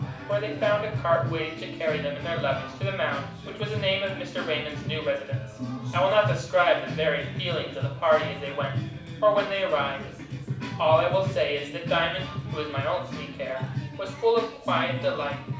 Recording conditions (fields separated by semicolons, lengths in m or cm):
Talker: one person; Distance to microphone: 5.8 m; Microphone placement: far; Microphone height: 1.8 m; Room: medium-sized (5.7 m by 4.0 m); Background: music